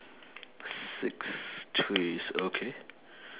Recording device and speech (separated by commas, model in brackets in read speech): telephone, conversation in separate rooms